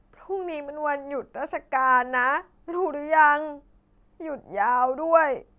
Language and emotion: Thai, sad